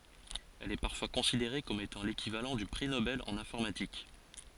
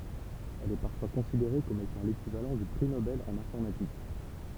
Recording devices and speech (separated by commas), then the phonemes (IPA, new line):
forehead accelerometer, temple vibration pickup, read sentence
ɛl ɛ paʁfwa kɔ̃sideʁe kɔm etɑ̃ lekivalɑ̃ dy pʁi nobɛl ɑ̃n ɛ̃fɔʁmatik